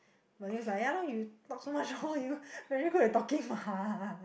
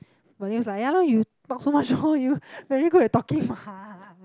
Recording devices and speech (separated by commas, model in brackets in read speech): boundary microphone, close-talking microphone, conversation in the same room